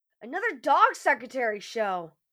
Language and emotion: English, disgusted